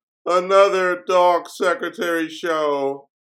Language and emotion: English, sad